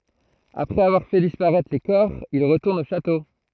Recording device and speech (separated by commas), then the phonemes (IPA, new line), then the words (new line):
throat microphone, read sentence
apʁɛz avwaʁ fɛ dispaʁɛtʁ le kɔʁ il ʁətuʁnt o ʃato
Après avoir fait disparaître les corps, ils retournent au château.